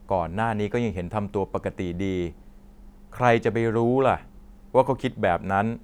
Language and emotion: Thai, frustrated